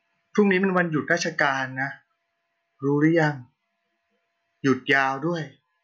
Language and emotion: Thai, neutral